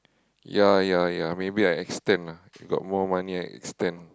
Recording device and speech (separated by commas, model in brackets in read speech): close-talking microphone, conversation in the same room